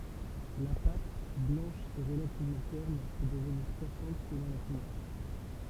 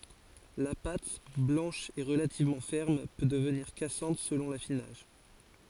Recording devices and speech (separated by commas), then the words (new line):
temple vibration pickup, forehead accelerometer, read sentence
La pâte, blanche et relativement ferme, peut devenir cassante selon l'affinage.